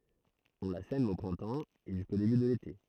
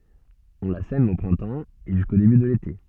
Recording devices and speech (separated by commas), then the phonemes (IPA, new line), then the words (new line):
throat microphone, soft in-ear microphone, read sentence
ɔ̃ la sɛm o pʁɛ̃tɑ̃ e ʒysko deby də lete
On la sème au printemps, et jusqu'au début de l'été.